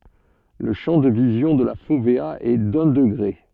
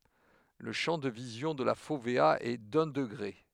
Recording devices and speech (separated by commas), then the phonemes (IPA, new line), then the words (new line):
soft in-ear microphone, headset microphone, read sentence
lə ʃɑ̃ də vizjɔ̃ də la fovea ɛ dœ̃ dəɡʁe
Le champ de vision de la fovéa est d'un degré.